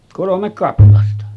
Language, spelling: Finnish, kolme kaplasta
- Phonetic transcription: 'kolomek 'kaplasta .

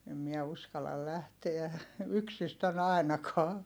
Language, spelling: Finnish, en minä uskalla lähteä yksistään ainakaan
- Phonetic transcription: em miɛ uskal̆lal lähteä , yksistän ‿ài̮nakaa .

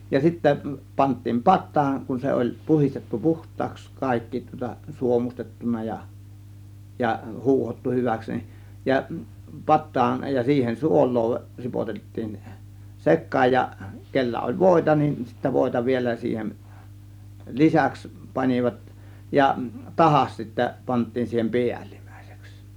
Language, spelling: Finnish, ja sitten pantiin pataan kun se oli puhdistettu puhtaaksi kaikki tuota suomustettu ja ja huuhdottu hyväksi niin ja pataan ja siihen suolaa ripotettiin sekaan ja kenellä oli voita niin sitten voita vielä siihen lisäksi panivat ja tahdas sitten pantiin siihen päällimmäiseksi
- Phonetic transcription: ja 'sittä , pant̆tiim 'pat̆taan , kun 'se oĺ 'puhistettu "puht̆taaks , 'kàikki tŭŏta "suomustettuna ja , ja "huuhottu 'hyväks ni , ja "pat̆taan , ja siihen "suol̆loo , 'ripotettiin "sek̆kaaj ja , kellä oĺ "vòėta nin sittä "vòėta 'vielä siihem , "lisäks 'pan͕ivat , ja , "tahas sittä pant̆tiin siihem "piälIM̀Ä̀IsEks .

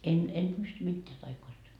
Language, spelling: Finnish, en en pysty mitään taioista
- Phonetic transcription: 'en en 'pysty 'mitteä taikoista .

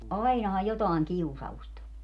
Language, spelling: Finnish, ainahan jotakin kiusausta on
- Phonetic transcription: "ainahaj 'jotàiŋ "kiusa)ust ‿o .

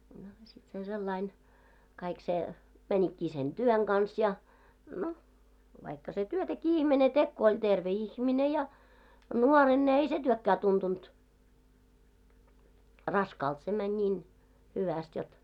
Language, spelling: Finnish, no sitten se sellainen kaikki se menikin sen työn kanssa ja no vaikka se työtäkin ihminen teki kun oli terve ihminen ja nuorena ne ei se työkään tuntunut raskaalta se meni niin hyvästi jotta
- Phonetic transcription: no , sit se 'sellain , 'kaik se , 'mäńikkii sen "ᴅyöŋ ɢans ja , 'no , vaikka se 'työtäkii 'ihmene tek ko oĺ 'terve "ihmine ja , 'nuoren ne ‿ei ‿se 'työkkää tuntunt , "raskaalt , se mäń 'ńiin , 'hyväst jot .

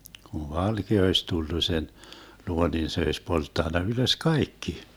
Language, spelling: Finnish, kun valkea olisi tullut sen luo niin se olisi polttanut ylös kaikki
- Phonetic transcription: kuv 'valkea oiś 'tullu sen , 'luo nin 'se oiś 'polttanna ylös "kaikki .

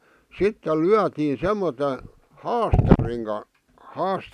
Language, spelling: Finnish, sitten lyötiin semmoisella haastarin - -
- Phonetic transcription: 'sittel "lyätii "semmote , "haastariŋ ka- , 'haas- ,.

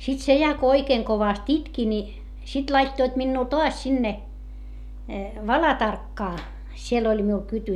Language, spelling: Finnish, sitten se ja kun oikein kovasti itki niin sitten laittoivat minua taas sinne Valatarkkaan siellä oli minulla kyty
- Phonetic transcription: sit se ja ko oikeeŋ kovast itki ni , sit laittoit minnuu toas sinne , Valatarkkaa , siel ‿oĺ miul kyty .

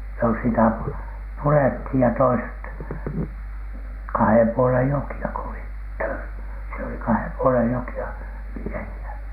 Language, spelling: Finnish, no sitä purettiin ja toiset kahden puolen jokea kun olivat - siellä oli kahden puolen jokea miehiä
- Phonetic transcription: no sitä "purethij ja toiset , kahem 'puolen 'joki₍a ko olit tör- , siel oli "kahem "puolej "joki₍a , 'miehi₍ä .

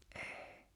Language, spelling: Finnish, ei
- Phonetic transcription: 'ᴇ̭ᴇ̭ .

